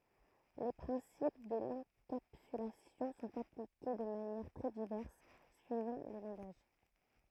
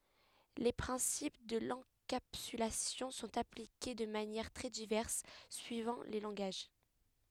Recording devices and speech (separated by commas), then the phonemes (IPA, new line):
throat microphone, headset microphone, read sentence
le pʁɛ̃sip də lɑ̃kapsylasjɔ̃ sɔ̃t aplike də manjɛʁ tʁɛ divɛʁs syivɑ̃ le lɑ̃ɡaʒ